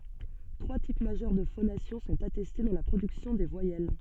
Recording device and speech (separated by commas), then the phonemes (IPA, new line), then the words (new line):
soft in-ear microphone, read sentence
tʁwa tip maʒœʁ də fonasjɔ̃ sɔ̃t atɛste dɑ̃ la pʁodyksjɔ̃ de vwajɛl
Trois types majeurs de phonation sont attestés dans la production des voyelles.